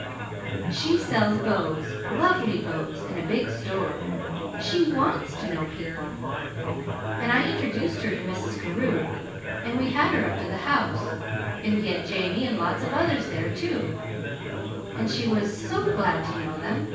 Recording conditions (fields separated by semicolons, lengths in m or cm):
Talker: one person; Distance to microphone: 9.8 m; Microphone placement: far; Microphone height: 1.8 m; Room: large; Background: babble